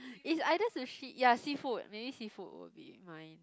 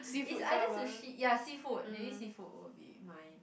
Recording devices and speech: close-talking microphone, boundary microphone, conversation in the same room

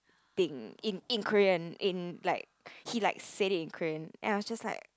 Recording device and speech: close-talking microphone, conversation in the same room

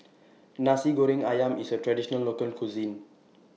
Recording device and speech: mobile phone (iPhone 6), read sentence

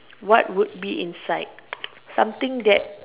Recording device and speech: telephone, conversation in separate rooms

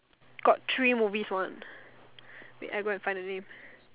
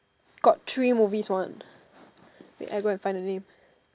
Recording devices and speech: telephone, standing microphone, conversation in separate rooms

